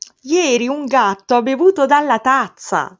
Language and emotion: Italian, surprised